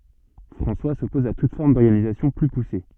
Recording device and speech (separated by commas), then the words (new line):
soft in-ear microphone, read sentence
François s'oppose à toute forme d'organisation plus poussée.